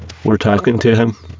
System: VC, spectral filtering